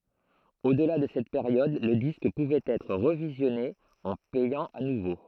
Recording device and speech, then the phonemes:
throat microphone, read sentence
odla də sɛt peʁjɔd lə disk puvɛt ɛtʁ ʁəvizjɔne ɑ̃ pɛjɑ̃ a nuvo

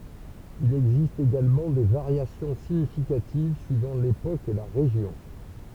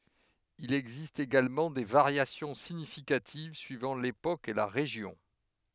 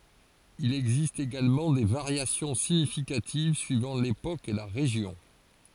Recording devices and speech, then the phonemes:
temple vibration pickup, headset microphone, forehead accelerometer, read sentence
il ɛɡzist eɡalmɑ̃ de vaʁjasjɔ̃ siɲifikativ syivɑ̃ lepok e la ʁeʒjɔ̃

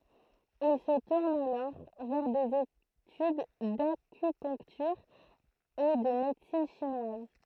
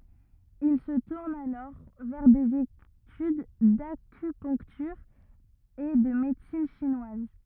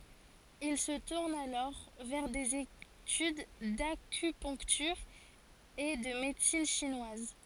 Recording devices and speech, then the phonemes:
throat microphone, rigid in-ear microphone, forehead accelerometer, read sentence
il sə tuʁn alɔʁ vɛʁ dez etyd dakypœ̃ktyʁ e də medəsin ʃinwaz

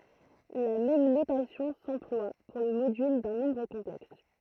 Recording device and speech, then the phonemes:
throat microphone, read sentence
la mɛm notasjɔ̃ sɑ̃plwa puʁ lə modyl dœ̃ nɔ̃bʁ kɔ̃plɛks

